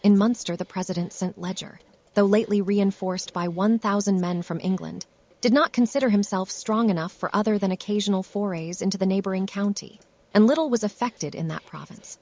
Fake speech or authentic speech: fake